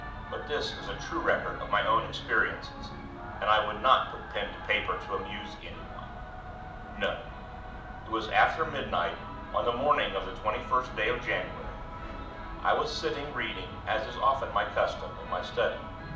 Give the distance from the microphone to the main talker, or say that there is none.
2.0 m.